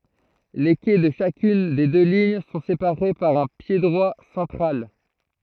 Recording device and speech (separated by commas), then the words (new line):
throat microphone, read sentence
Les quais de chacune des deux lignes sont séparés par un piédroit central.